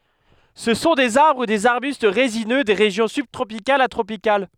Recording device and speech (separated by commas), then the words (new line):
headset microphone, read sentence
Ce sont des arbres ou des arbustes résineux des régions subtropicales à tropicales.